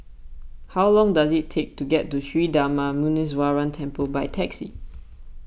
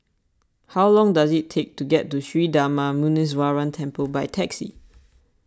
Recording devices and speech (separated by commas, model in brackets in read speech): boundary microphone (BM630), standing microphone (AKG C214), read sentence